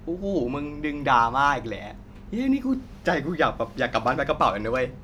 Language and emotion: Thai, happy